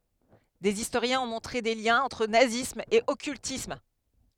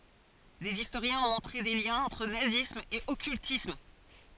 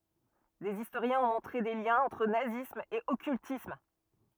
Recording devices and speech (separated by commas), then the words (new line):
headset microphone, forehead accelerometer, rigid in-ear microphone, read sentence
Des historiens ont montré des liens entre nazisme et occultisme.